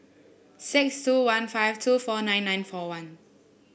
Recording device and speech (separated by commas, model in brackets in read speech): boundary microphone (BM630), read sentence